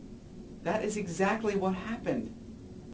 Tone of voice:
fearful